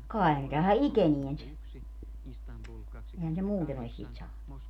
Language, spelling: Finnish, kai ne tähän ikeneen se eihän se muuten olisi siitä saanut
- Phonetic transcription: 'kai̮ ne tähä "ikenien se , ehän se 'muuten ‿olis siit 'saanu .

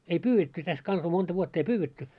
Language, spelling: Finnish, ei pyydetty tässä kanssa monta vuotta ei pyydetty
- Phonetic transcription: ei 'pyy₍etty täs kansa 'monta vuott ‿ei "pyywetty .

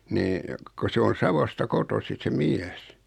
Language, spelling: Finnish, niin kun se on Savosta kotoisin se mies
- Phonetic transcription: nii , ko 'se on̬ 'Savosta 'kotosi se 'miäs .

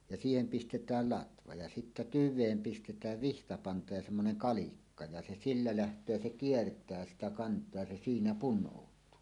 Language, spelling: Finnish, ja siihen pistetään latva ja sitten tyveen pistetään vihtapanta ja semmoinen kalikka ja se sillä lähtee ja se kiertää sitä kantoa ja se siinä punoutuu
- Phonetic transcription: ja 'siihem pistet̀ääl "latva ja sittä "tyv̆veem 'pistet̀ääv "vihtapanta ja semmonen "kalikka , ja se sillä läht̀öö ja 'se "kiert̀ää sitä 'kant̀oa ja se 'siinä "pun̆nòut̀uu .

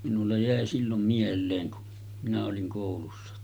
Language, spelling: Finnish, minulla jäi silloin mieleen kun minä olin koulussa
- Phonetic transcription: minulla 'jä̀e sillom 'miel̆leeŋ ku , minä oliŋ kòulussa .

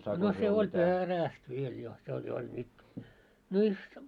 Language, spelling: Finnish, no se oli perästä vielä jo se oli jo oli - virsta
- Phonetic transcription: no 'se oĺ "peräst viel jo , 'se oĺ jo oĺ mik- , 'virstᴀ .

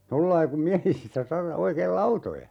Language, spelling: Finnish, tuolla lailla kun miehisissä - oikein lautoja
- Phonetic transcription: 'tollai kum ("miähisissä 'saha-) , 'oikeel "lautoja .

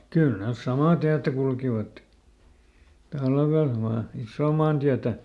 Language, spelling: Finnish, kyllä ne samaa tietä kulkivat talvella vain isoa maantietä
- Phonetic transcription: ˈkyl ˈnes "samà ˈtiätä kulkivat , ˈtalvel vaa , ˈissoo maantiätä .

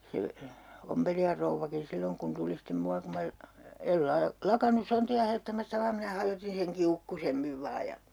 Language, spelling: Finnish, se ompelijan rouvakin silloin kun tuli sitten minua kun minä en - lakannut sontia hajottamasta vaan minä hajotin sen kiukkuisemmin vain ja
- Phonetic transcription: 'se , 'ompelijar rouvvakin 'silloŋ kun tuli stem 'mua kum mä , el 'laa- , "lakanus 'sonti₍a hajottamasta 'vaam minä 'hajotin seŋ "kiukkusemmiv 'vaa ja .

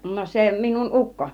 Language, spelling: Finnish, no se minun ukko
- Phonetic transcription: no 'se minun 'ˀukko .

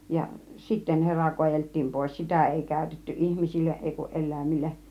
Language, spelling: Finnish, ja sitten hera kaadeltiin pois sitä ei käytetty ihmisille ei kun eläimille
- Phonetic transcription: ja , 'sitten hera 'koajelt̆tiim pòis , 'sitä̀ 'èi kä̀ytetty 'ihmisilleˀ 'ˀèi kuˀ "ˀel̆lä̀imilleˀ .

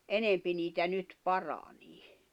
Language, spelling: Finnish, enempi niitä nyt paranee
- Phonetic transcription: enempi 'niitä 'nyt "paranii .

